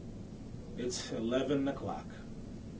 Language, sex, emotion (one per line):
English
male
neutral